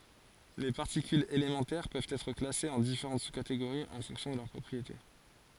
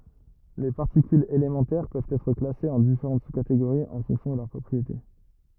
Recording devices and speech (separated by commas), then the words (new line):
forehead accelerometer, rigid in-ear microphone, read sentence
Les particules élémentaires peuvent être classées en différentes sous-catégories en fonction de leurs propriétés.